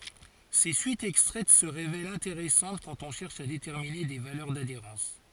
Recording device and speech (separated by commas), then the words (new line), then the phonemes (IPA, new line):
forehead accelerometer, read sentence
Ces suites extraites se révèlent intéressantes quand on cherche à déterminer des valeurs d'adhérence.
se syitz ɛkstʁɛt sə ʁevɛlt ɛ̃teʁɛsɑ̃t kɑ̃t ɔ̃ ʃɛʁʃ a detɛʁmine de valœʁ dadeʁɑ̃s